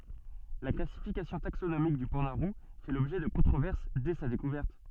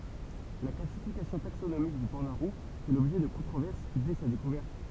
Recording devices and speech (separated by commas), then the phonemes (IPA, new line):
soft in-ear microphone, temple vibration pickup, read sentence
la klasifikasjɔ̃ taksonomik dy pɑ̃da ʁu fɛ lɔbʒɛ də kɔ̃tʁovɛʁs dɛ sa dekuvɛʁt